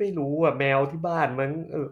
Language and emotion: Thai, frustrated